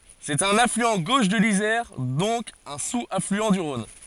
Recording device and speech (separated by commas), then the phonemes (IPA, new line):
forehead accelerometer, read sentence
sɛt œ̃n aflyɑ̃ ɡoʃ də lizɛʁ dɔ̃k œ̃ suz aflyɑ̃ dy ʁɔ̃n